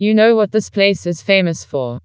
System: TTS, vocoder